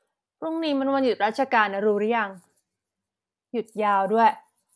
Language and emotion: Thai, frustrated